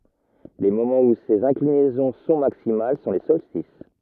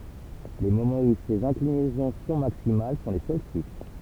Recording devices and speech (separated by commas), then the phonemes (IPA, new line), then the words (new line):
rigid in-ear microphone, temple vibration pickup, read sentence
le momɑ̃z u sez ɛ̃klinɛzɔ̃ sɔ̃ maksimal sɔ̃ le sɔlstis
Les moments où ces inclinaisons sont maximales sont les solstices.